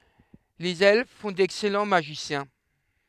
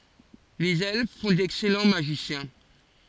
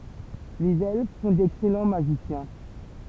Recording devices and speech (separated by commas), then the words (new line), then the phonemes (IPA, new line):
headset microphone, forehead accelerometer, temple vibration pickup, read sentence
Les Elfes font d'excellents Magiciens.
lez ɛlf fɔ̃ dɛksɛlɑ̃ maʒisjɛ̃